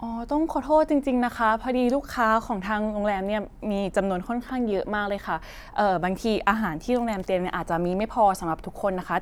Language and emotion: Thai, neutral